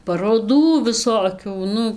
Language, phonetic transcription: Lithuanian, paroˈdų viˈsokių ˈnu

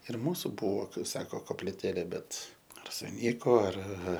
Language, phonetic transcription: Lithuanian, ir ˈmūsu ˈbuvo ˈkaip sako kopliˈtėlė ˈbet ar suˈnyko ar

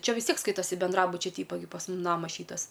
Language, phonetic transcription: Lithuanian, ˈčia vis ˈtiek ˈskaitasi benˈdrabučia ˈtypa gi pas ˈmum ˈnamas ˈšytas

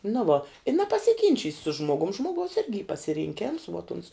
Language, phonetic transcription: Lithuanian, nu ˈvo i nepasiˈginčys' su ˈžmogum ˈžmogaus ˈirgi y pasirinˈkėms vuot uns

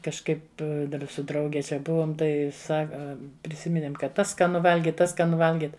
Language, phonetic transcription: Lithuanian, kažˈkaip ˈdar su ˈdrauge ˈčia ˈbuvom ˈtai ˈsaka priˈsiminėm ˈkad ˈtas skaˈnu ˈvalgit ˈtas skaˈnu ˈvalgit

